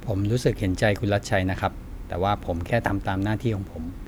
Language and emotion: Thai, neutral